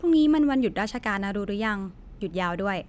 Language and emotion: Thai, neutral